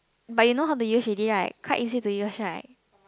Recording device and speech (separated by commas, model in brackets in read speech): close-talking microphone, conversation in the same room